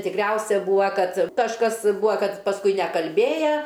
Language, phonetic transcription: Lithuanian, tikˈriausia ˈbūa ˈkad kažˈkas ˈbua ˈkad pasˈkui nekalˈbėja

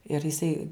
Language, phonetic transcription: Lithuanian, ir jiˈsai

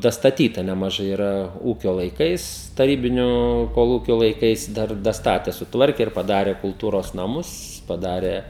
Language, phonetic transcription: Lithuanian, dastaˈtyta nemaˈžai yˈra ˈūkio laiˈkais taˈrybinio koˈlūkio laiˈkais ˈdar daˈstate suˈtvarke ir paˈdare kulˈtūros naˈmus paˈdarė

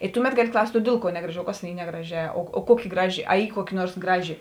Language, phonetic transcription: Lithuanian, i ˈtuˌmet ˈgaˌli ˈklaust' o ˈdėl ˌkuo ˈnegraˌži o ˈkas tėn ˈy ˈnegraˌžē o ˈkuoˌki ˈgraˌži a ˈy ˈkuoˌki ˈnuors ˈgraˌži

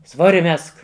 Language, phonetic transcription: Lithuanian, ˈsvori ˈmesk

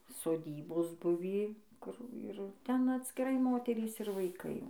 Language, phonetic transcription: Lithuanian, soˈdybos ˈbuvį ˈkur ir ˈten atskiˈrai ˈmoterys ir vaiˈkai jau

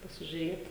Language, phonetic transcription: Lithuanian, pasižiuˈrėt

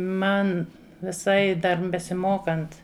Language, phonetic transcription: Lithuanian, ˈman viˈsai dar besiˈmokant

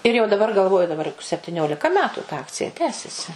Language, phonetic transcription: Lithuanian, ir jau daˈbar galˈvoju daˈbar juk septiˈniolika ˈmetu ta ˈakcija ˈtęsiasi

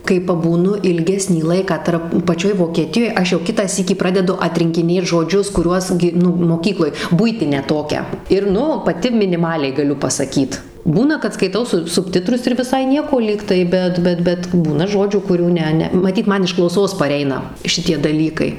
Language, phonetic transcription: Lithuanian, kai pabūˈnu ilˈgesnį ˈlaiką ˈtarp paˈčioj vokeˈtijoj ˈaš jau ˈkitą ˈsykį ˈpradedu atrinkiˈnėt žoˈdžius kuˈriuos gi ˈnu moˈkykloj ˈbuitinę ˈtokią ir ˈnu paˈti miniˈmaliai gaˈliu pasaˈkyt ˈbūna kad skaiˈtau su subˈtitrus ir viˈsai ˈnieko ˈlygtai ˈbet ˈbet bet ˈbūna ˈžodžių kuˈrių ˈne ˈne maˈtyt ˈman iš klauˈsos paˈreina ˈšitie daˈlykai

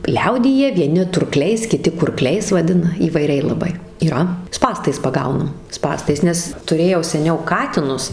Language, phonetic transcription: Lithuanian, ˈliaudyje vieˈni turˈkliais kiˈti kurˈkliais vaˈdina įvaiˈriai laˈbai yˈra ˈspąstais paˈgaunam ˈspąstais ˈnes tuˈrėjau seˈniau ˈkatinus

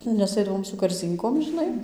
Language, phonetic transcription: Lithuanian, nes ˈaidavom su karˈzynkom žiˈnai

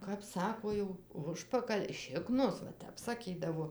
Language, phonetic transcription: Lithuanian, kap ˈsako jau ˈužpakal' ˈšiknos va ˈtep saˈkydavo

